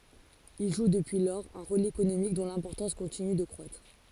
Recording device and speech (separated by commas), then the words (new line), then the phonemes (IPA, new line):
forehead accelerometer, read sentence
Il joue depuis lors un rôle économique dont l'importance continue de croître.
il ʒu dəpyi lɔʁz œ̃ ʁol ekonomik dɔ̃ lɛ̃pɔʁtɑ̃s kɔ̃tiny də kʁwatʁ